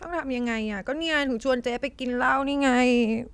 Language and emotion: Thai, sad